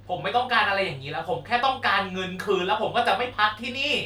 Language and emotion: Thai, angry